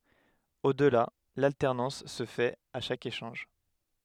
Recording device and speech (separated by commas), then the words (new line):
headset microphone, read sentence
Au-delà, l'alternance se fait à chaque échange.